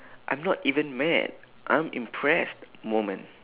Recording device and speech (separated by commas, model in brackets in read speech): telephone, conversation in separate rooms